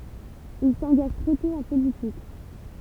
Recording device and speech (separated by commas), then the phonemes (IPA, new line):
temple vibration pickup, read sentence
il sɑ̃ɡaʒ tʁɛ tɔ̃ ɑ̃ politik